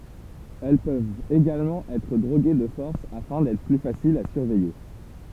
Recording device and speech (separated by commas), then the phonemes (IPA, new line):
temple vibration pickup, read sentence
ɛl pøvt eɡalmɑ̃ ɛtʁ dʁoɡe də fɔʁs afɛ̃ dɛtʁ ply fasilz a syʁvɛje